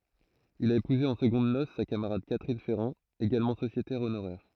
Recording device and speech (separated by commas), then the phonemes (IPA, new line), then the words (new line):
throat microphone, read sentence
il a epuze ɑ̃ səɡɔ̃d nos sa kamaʁad katʁin fɛʁɑ̃ eɡalmɑ̃ sosjetɛʁ onoʁɛʁ
Il a épousé en secondes noces sa camarade Catherine Ferran, également sociétaire honoraire.